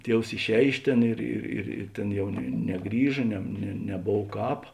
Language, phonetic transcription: Lithuanian, ˈtievs išˈēj ˈiš ˌtėn ˈir ir ir i ˈtėn ˈjau ne neˈgrįža ˈne ne neˈbov ˈkāp

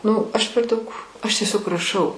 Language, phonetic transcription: Lithuanian, ˈnu ˈaš per ˈdaug aš tieˈsiog raˈšau

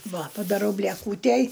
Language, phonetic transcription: Lithuanian, ˈva padaˈrau blieˈkūtæj

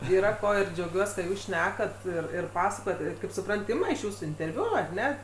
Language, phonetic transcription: Lithuanian, yˈra ˈko ir džiauˈgiuos kad ˈjūs ˈšnekat ˈir ir ˈpasakojat ˈir kaip suˈprant ˈima iš ˈjūsų interˈviu ar ˈne

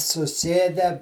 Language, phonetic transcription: Lithuanian, suˈsėdę

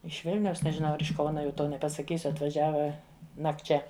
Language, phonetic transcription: Lithuanian, iš ˈvilniaus nežiˈnau ˈar iš ˈkauna jau ˈto nepasaˈkysiu atvaˈžiava nakˈčia

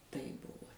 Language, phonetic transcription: Lithuanian, taip ˈbuvo

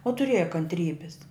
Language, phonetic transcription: Lithuanian, o tuˈrėja kantˈrybis

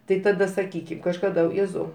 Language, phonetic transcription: Lithuanian, ˈtai taˈda saˈkykim kažkaˈda ˈjėzau

